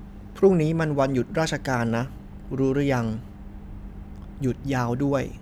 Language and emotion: Thai, neutral